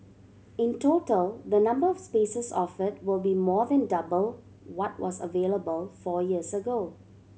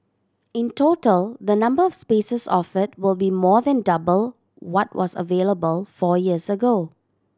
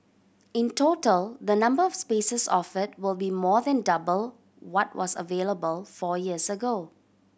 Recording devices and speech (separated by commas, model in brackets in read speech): mobile phone (Samsung C7100), standing microphone (AKG C214), boundary microphone (BM630), read sentence